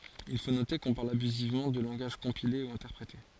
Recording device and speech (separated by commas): forehead accelerometer, read sentence